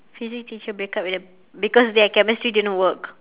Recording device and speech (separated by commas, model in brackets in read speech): telephone, conversation in separate rooms